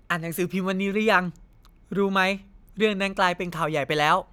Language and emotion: Thai, neutral